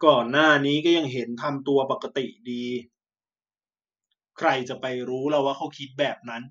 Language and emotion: Thai, frustrated